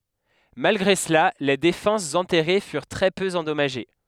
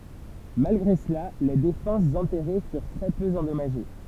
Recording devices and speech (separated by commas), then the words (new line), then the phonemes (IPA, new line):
headset microphone, temple vibration pickup, read sentence
Malgré cela, les défenses enterrées furent très peu endommagées.
malɡʁe səla le defɑ̃sz ɑ̃tɛʁe fyʁ tʁɛ pø ɑ̃dɔmaʒe